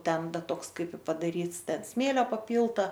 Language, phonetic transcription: Lithuanian, ˈten ˈtoks ˈkaip i padaˈryts ˈten ˈsmėlio paˈpylta

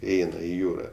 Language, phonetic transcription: Lithuanian, iˈeina i ˈjūra

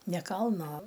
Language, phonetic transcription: Lithuanian, ne ˈkalno

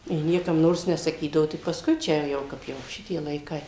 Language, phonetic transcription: Lithuanian, ji ˈniekam ˈnors nesaˈkydavo tik pasˈkui ˈčia ˈjau ˈkap jau ˈšitie laiˈkai

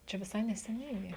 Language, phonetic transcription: Lithuanian, ˈčia viˈsai neseˈniai gi

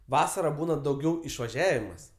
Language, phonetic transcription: Lithuanian, ˈvasara ˈbūna dauˈgiau išvaˈžiavimas

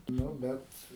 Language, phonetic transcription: Lithuanian, ˈnu ˈbet

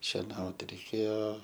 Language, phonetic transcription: Lithuanian, šeˈnaut reiˈkėjo

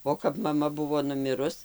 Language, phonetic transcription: Lithuanian, o kap maˈma ˈbuvo nuˈmirus

